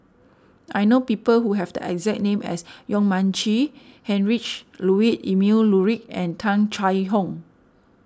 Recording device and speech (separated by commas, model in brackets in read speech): standing microphone (AKG C214), read sentence